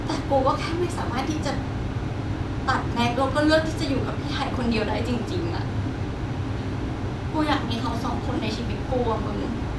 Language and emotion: Thai, sad